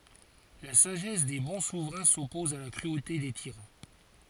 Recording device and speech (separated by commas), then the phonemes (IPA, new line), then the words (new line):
forehead accelerometer, read sentence
la saʒɛs de bɔ̃ suvʁɛ̃ sɔpɔz a la kʁyote de tiʁɑ̃
La sagesse des bons souverains s'oppose à la cruauté des tyrans.